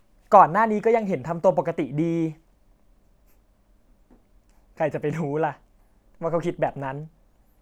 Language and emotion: Thai, frustrated